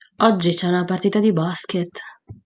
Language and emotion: Italian, neutral